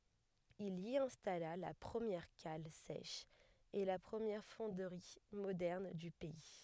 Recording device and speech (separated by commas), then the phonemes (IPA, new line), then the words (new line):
headset microphone, read sentence
il i ɛ̃stala la pʁəmjɛʁ kal sɛʃ e la pʁəmjɛʁ fɔ̃dʁi modɛʁn dy pɛi
Il y installa la première cale sèche et la première fonderie moderne du pays.